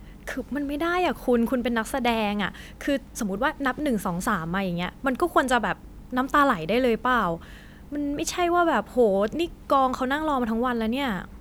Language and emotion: Thai, frustrated